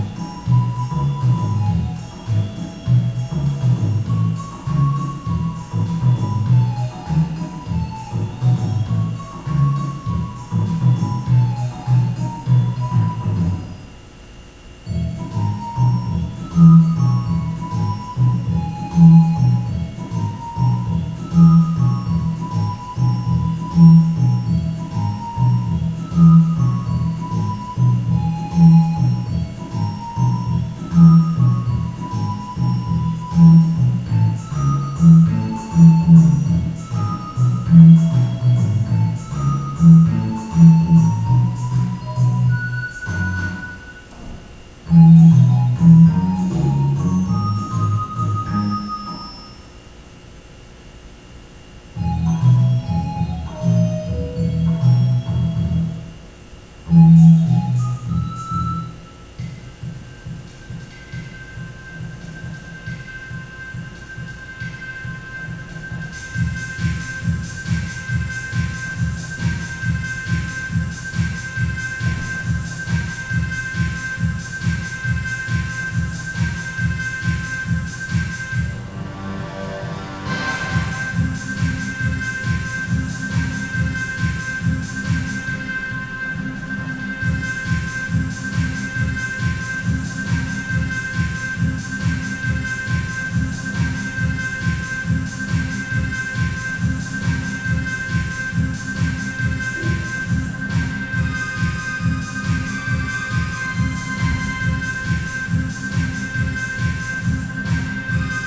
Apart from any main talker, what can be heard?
Music.